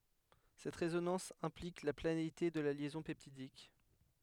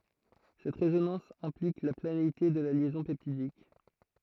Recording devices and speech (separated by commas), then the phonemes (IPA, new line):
headset microphone, throat microphone, read sentence
sɛt ʁezonɑ̃s ɛ̃plik la planeite də la ljɛzɔ̃ pɛptidik